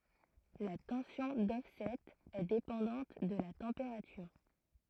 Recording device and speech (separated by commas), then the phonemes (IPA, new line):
throat microphone, read sentence
la tɑ̃sjɔ̃ dɔfsɛt ɛ depɑ̃dɑ̃t də la tɑ̃peʁatyʁ